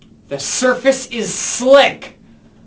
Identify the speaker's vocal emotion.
angry